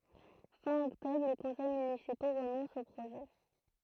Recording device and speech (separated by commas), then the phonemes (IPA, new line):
throat microphone, read sentence
fɛ̃ ɔktɔbʁ le kɔ̃sɛj mynisipo ʁənɔ̃st o pʁoʒɛ